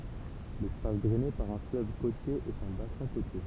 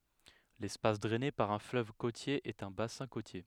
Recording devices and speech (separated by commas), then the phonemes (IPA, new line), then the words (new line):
temple vibration pickup, headset microphone, read sentence
lɛspas dʁɛne paʁ œ̃ fløv kotje ɛt œ̃ basɛ̃ kotje
L'espace drainé par un fleuve côtier est un bassin côtier.